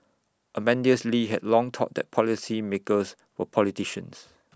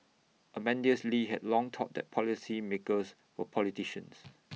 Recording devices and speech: standing microphone (AKG C214), mobile phone (iPhone 6), read sentence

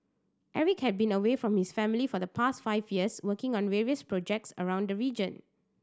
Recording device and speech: standing microphone (AKG C214), read sentence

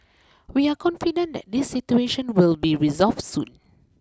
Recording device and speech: close-talking microphone (WH20), read sentence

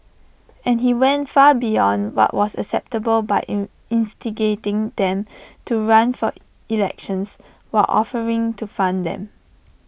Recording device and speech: boundary microphone (BM630), read sentence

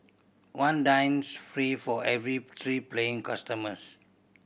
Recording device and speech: boundary microphone (BM630), read sentence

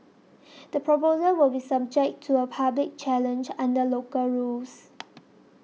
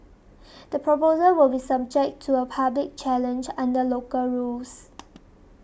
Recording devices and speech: mobile phone (iPhone 6), boundary microphone (BM630), read sentence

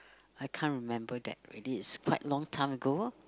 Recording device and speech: close-talking microphone, conversation in the same room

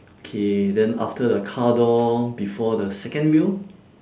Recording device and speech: standing microphone, conversation in separate rooms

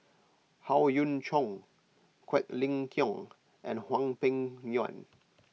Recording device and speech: mobile phone (iPhone 6), read sentence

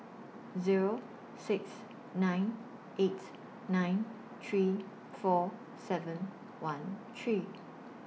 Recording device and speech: mobile phone (iPhone 6), read sentence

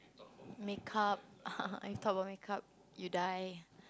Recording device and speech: close-talking microphone, conversation in the same room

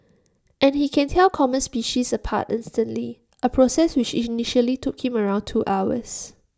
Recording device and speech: standing microphone (AKG C214), read sentence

